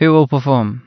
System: none